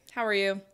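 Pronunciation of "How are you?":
'How are you?' is said with a flat intonation, and the tone shows no interest in the answer.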